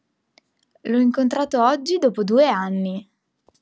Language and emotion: Italian, happy